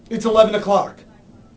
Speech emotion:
angry